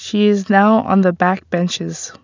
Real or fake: real